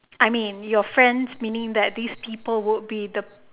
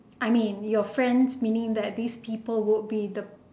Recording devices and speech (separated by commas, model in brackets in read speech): telephone, standing microphone, conversation in separate rooms